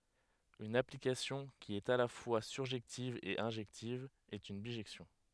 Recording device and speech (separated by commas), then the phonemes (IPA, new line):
headset microphone, read sentence
yn aplikasjɔ̃ ki ɛt a la fwa syʁʒɛktiv e ɛ̃ʒɛktiv ɛt yn biʒɛksjɔ̃